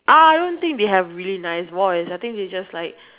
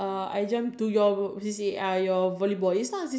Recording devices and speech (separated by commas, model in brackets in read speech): telephone, standing microphone, conversation in separate rooms